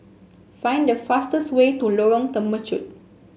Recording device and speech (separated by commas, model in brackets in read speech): mobile phone (Samsung S8), read sentence